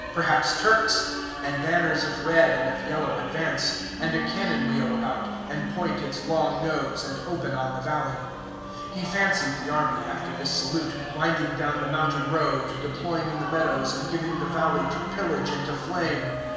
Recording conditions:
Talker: one person; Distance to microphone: 1.7 m; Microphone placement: close; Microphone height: 1.0 m; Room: very reverberant, large; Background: music

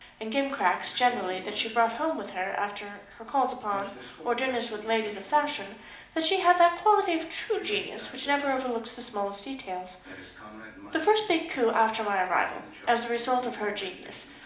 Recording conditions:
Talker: one person; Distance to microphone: 2.0 m; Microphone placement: close; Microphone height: 99 cm; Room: medium-sized (5.7 m by 4.0 m); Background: television

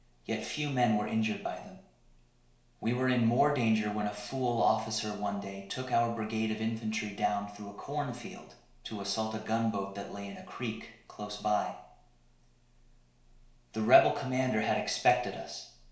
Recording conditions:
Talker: one person; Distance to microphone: 1.0 m; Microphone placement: close; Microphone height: 1.1 m; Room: small (3.7 m by 2.7 m); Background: none

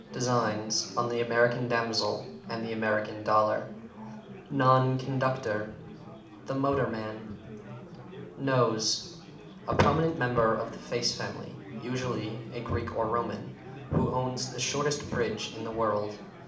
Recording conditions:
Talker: one person; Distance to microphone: 2.0 m; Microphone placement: close; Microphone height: 99 cm; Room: medium-sized (5.7 m by 4.0 m); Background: babble

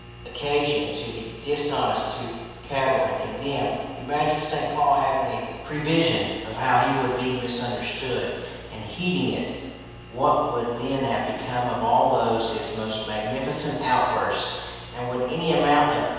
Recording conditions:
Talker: one person; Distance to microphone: 7.1 m; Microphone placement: far; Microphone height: 1.7 m; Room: very reverberant, large; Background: none

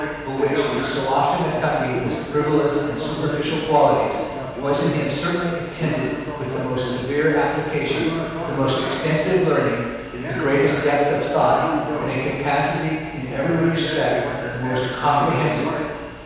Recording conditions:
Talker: one person; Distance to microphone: 7.1 m; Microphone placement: far; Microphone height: 1.7 m; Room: very reverberant, large; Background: television

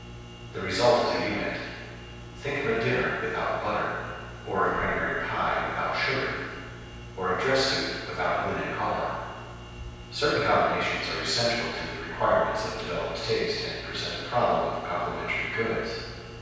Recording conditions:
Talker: one person; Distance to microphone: 7.1 m; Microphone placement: far; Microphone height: 1.7 m; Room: very reverberant, large; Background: none

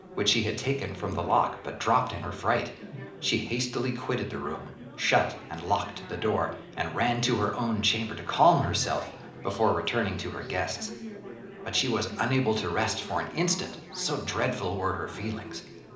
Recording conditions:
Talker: one person; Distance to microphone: 2.0 m; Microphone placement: close; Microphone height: 99 cm; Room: medium-sized (5.7 m by 4.0 m); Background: babble

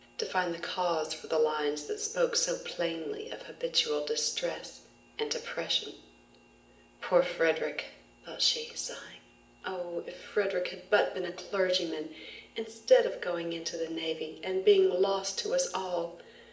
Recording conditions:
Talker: one person; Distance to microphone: 1.8 m; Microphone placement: close; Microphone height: 1.0 m; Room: large; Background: none

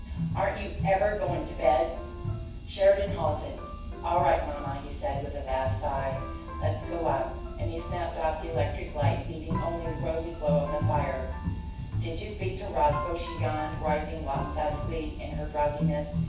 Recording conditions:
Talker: one person; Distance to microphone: 9.8 m; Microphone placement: far; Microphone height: 1.8 m; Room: large; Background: music

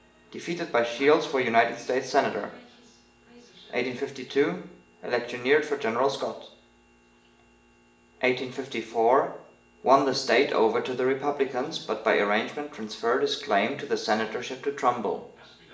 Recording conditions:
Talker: one person; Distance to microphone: 1.8 m; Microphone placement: close; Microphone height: 1.0 m; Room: large; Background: television

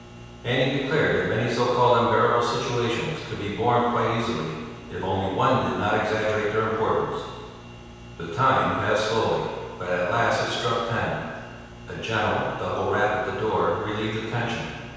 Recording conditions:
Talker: one person; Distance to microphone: 7.1 m; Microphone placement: far; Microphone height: 1.7 m; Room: very reverberant, large; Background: none

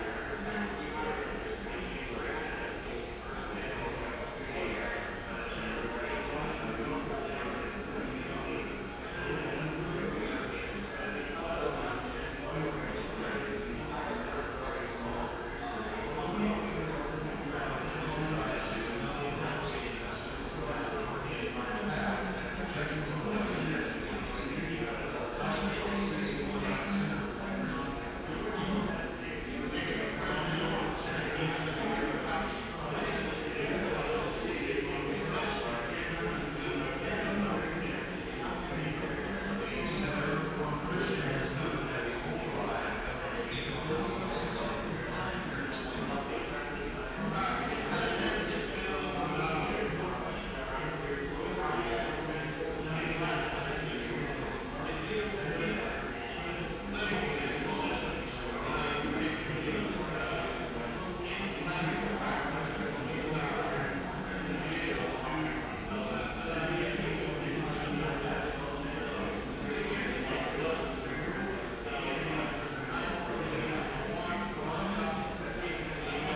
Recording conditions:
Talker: no one; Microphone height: 1.7 m; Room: very reverberant, large; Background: babble

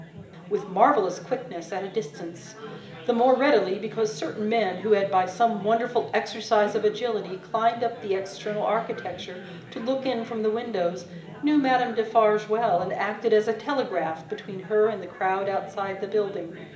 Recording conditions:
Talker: one person; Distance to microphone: 1.8 m; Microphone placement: close; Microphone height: 1.0 m; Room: large; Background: babble

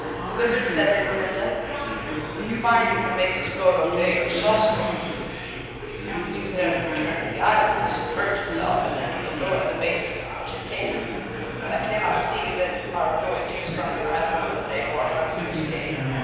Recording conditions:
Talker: one person; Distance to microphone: 7.1 m; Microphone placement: far; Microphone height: 1.7 m; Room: very reverberant, large; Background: babble

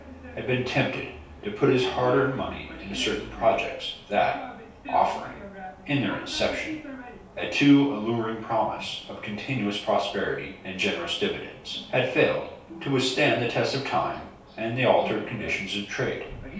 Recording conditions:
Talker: one person; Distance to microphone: 3.0 m; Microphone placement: far; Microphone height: 1.8 m; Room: small (3.7 m by 2.7 m); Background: television

